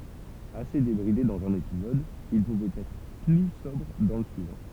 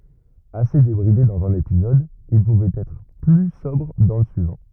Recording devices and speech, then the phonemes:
temple vibration pickup, rigid in-ear microphone, read sentence
ase debʁide dɑ̃z œ̃n epizɔd il puvɛt ɛtʁ ply sɔbʁ dɑ̃ lə syivɑ̃

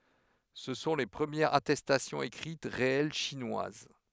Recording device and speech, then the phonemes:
headset microphone, read sentence
sə sɔ̃ le pʁəmjɛʁz atɛstasjɔ̃z ekʁit ʁeɛl ʃinwaz

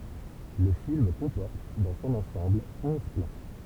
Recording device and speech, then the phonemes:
temple vibration pickup, read sentence
lə film kɔ̃pɔʁt dɑ̃ sɔ̃n ɑ̃sɑ̃bl ɔ̃z plɑ̃

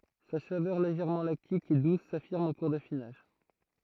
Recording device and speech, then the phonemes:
throat microphone, read sentence
sa savœʁ leʒɛʁmɑ̃ laktik e dus safiʁm ɑ̃ kuʁ dafinaʒ

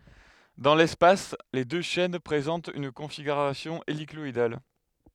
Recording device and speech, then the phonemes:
headset microphone, read sentence
dɑ̃ lɛspas le dø ʃɛn pʁezɑ̃tt yn kɔ̃fiɡyʁasjɔ̃ elikɔidal

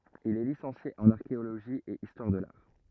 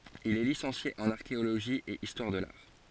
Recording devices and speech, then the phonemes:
rigid in-ear microphone, forehead accelerometer, read sentence
il ɛ lisɑ̃sje ɑ̃n aʁkeoloʒi e istwaʁ də laʁ

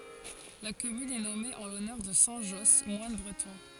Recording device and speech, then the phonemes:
forehead accelerometer, read sentence
la kɔmyn ɛ nɔme ɑ̃ lɔnœʁ də sɛ̃ ʒɔs mwan bʁətɔ̃

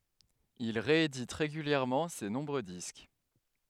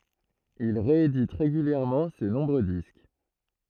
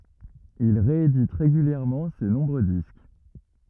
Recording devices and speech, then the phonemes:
headset microphone, throat microphone, rigid in-ear microphone, read sentence
il ʁeedit ʁeɡyljɛʁmɑ̃ se nɔ̃bʁø disk

